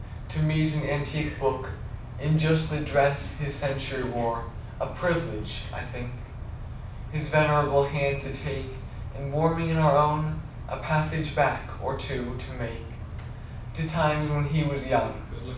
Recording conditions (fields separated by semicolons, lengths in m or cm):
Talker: one person; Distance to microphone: 5.8 m; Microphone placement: far; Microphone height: 1.8 m; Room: medium-sized (5.7 m by 4.0 m); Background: television